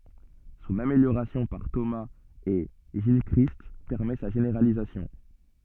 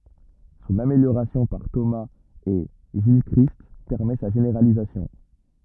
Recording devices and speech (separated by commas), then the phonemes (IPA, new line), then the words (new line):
soft in-ear microphone, rigid in-ear microphone, read sentence
sɔ̃n ameljoʁasjɔ̃ paʁ tomaz e ʒilkʁist pɛʁmɛ sa ʒeneʁalizasjɔ̃
Son amélioration par Thomas et Gilchrist permet sa généralisation.